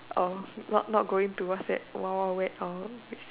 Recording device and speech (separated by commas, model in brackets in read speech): telephone, conversation in separate rooms